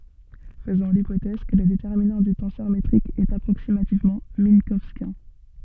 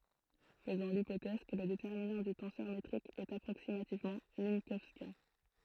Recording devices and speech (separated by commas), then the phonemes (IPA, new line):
soft in-ear microphone, throat microphone, read sentence
fəzɔ̃ lipotɛz kə lə detɛʁminɑ̃ dy tɑ̃sœʁ metʁik ɛt apʁoksimativmɑ̃ mɛ̃kɔwskjɛ̃